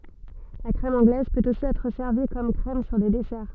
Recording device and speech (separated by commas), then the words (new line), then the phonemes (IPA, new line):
soft in-ear microphone, read sentence
La crème anglaise peut aussi être servie comme crème sur des desserts.
la kʁɛm ɑ̃ɡlɛz pøt osi ɛtʁ sɛʁvi kɔm kʁɛm syʁ de dɛsɛʁ